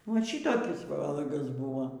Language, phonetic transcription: Lithuanian, ˈva ˈšitokis ˈvalagas ˈbuvo

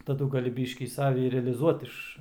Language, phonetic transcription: Lithuanian, taˈdu gaˈli ˈbyškį ˈsavi ir realiˈzuot ˈiš

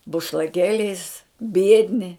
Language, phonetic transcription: Lithuanian, bušlaˈkėliais ˈbiedni

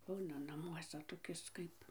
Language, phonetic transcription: Lithuanian, ˈbūna naˈmuosa toˈkis ˈkaip

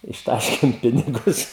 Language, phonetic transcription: Lithuanian, išˈtaškėm ˈpinigus

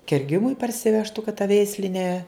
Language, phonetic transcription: Lithuanian, kerˈgimui parsiˈvežtu kad ta ˈveisli ne

